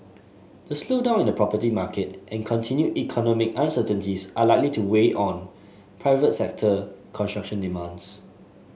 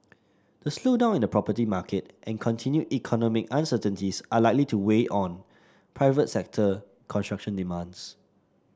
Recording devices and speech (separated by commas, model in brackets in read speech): mobile phone (Samsung S8), standing microphone (AKG C214), read sentence